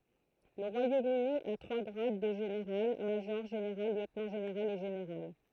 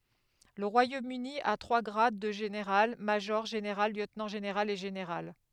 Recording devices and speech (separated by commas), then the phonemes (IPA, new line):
throat microphone, headset microphone, read sentence
lə ʁwajomøni a tʁwa ɡʁad də ʒeneʁal maʒɔʁ ʒeneʁal ljøtnɑ̃ ʒeneʁal e ʒeneʁal